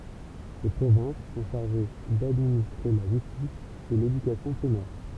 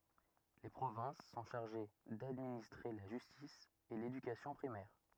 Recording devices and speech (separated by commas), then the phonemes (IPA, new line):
temple vibration pickup, rigid in-ear microphone, read sentence
le pʁovɛ̃s sɔ̃ ʃaʁʒe dadministʁe la ʒystis e ledykasjɔ̃ pʁimɛʁ